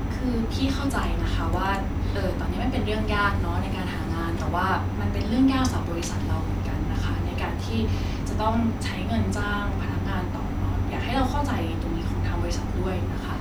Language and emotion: Thai, frustrated